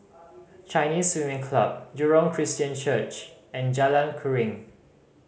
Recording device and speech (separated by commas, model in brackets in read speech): mobile phone (Samsung C5010), read sentence